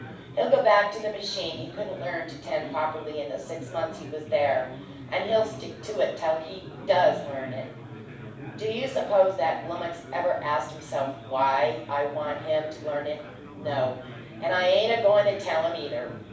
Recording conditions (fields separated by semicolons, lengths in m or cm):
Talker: one person; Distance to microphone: 5.8 m; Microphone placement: far; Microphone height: 1.8 m; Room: medium-sized (5.7 m by 4.0 m); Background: babble